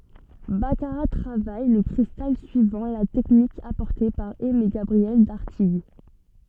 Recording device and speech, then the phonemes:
soft in-ear microphone, read sentence
bakaʁa tʁavaj lə kʁistal syivɑ̃ la tɛknik apɔʁte paʁ ɛmeɡabʁiɛl daʁtiɡ

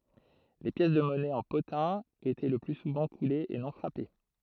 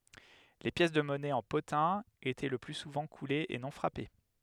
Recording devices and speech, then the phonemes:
throat microphone, headset microphone, read sentence
le pjɛs də mɔnɛ ɑ̃ potɛ̃ etɛ lə ply suvɑ̃ kulez e nɔ̃ fʁape

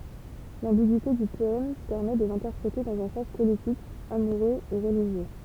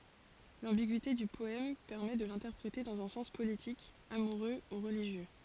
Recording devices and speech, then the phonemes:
temple vibration pickup, forehead accelerometer, read sentence
lɑ̃biɡyite dy pɔɛm pɛʁmɛ də lɛ̃tɛʁpʁete dɑ̃z œ̃ sɑ̃s politik amuʁø u ʁəliʒjø

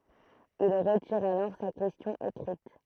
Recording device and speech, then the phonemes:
throat microphone, read sentence
il ʁətiʁ alɔʁ sa kɛstjɔ̃ ekʁit

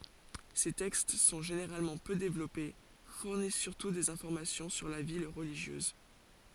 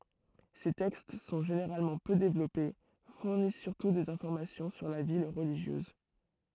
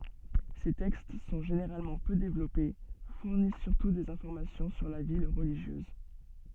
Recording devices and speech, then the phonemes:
forehead accelerometer, throat microphone, soft in-ear microphone, read sentence
se tɛkst sɔ̃ ʒeneʁalmɑ̃ pø devlɔpe fuʁnis syʁtu dez ɛ̃fɔʁmasjɔ̃ syʁ la vi ʁəliʒjøz

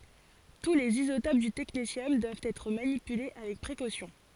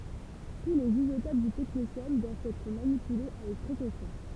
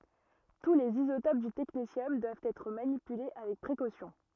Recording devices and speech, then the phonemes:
forehead accelerometer, temple vibration pickup, rigid in-ear microphone, read sentence
tu lez izotop dy tɛknesjɔm dwavt ɛtʁ manipyle avɛk pʁekosjɔ̃

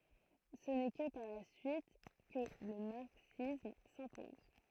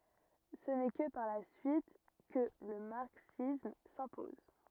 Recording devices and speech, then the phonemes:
throat microphone, rigid in-ear microphone, read sentence
sə nɛ kə paʁ la syit kə lə maʁksism sɛ̃pɔz

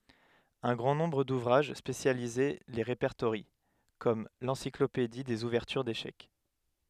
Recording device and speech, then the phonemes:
headset microphone, read sentence
œ̃ ɡʁɑ̃ nɔ̃bʁ duvʁaʒ spesjalize le ʁepɛʁtoʁjɑ̃ kɔm lɑ̃siklopedi dez uvɛʁtyʁ deʃɛk

